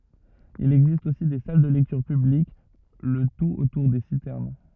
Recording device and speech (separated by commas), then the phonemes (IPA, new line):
rigid in-ear microphone, read sentence
il ɛɡzist osi de sal də lɛktyʁ pyblik lə tut otuʁ de sitɛʁn